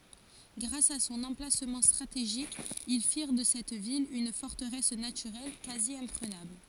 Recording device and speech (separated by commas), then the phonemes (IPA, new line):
forehead accelerometer, read sentence
ɡʁas a sɔ̃n ɑ̃plasmɑ̃ stʁateʒik il fiʁ də sɛt vil yn fɔʁtəʁɛs natyʁɛl kazjɛ̃pʁənabl